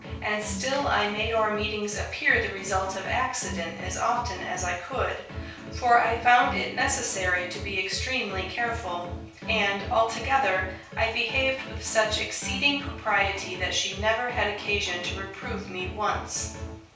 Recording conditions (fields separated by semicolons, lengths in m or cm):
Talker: one person; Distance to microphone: 3.0 m; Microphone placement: far; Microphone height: 1.8 m; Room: small (3.7 m by 2.7 m); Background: music